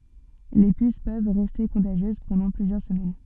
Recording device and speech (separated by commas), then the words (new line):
soft in-ear microphone, read sentence
Les puces peuvent rester contagieuses pendant plusieurs semaines.